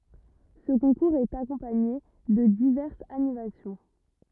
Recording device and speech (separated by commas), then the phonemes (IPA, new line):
rigid in-ear microphone, read sentence
sə kɔ̃kuʁz ɛt akɔ̃paɲe də divɛʁsz animasjɔ̃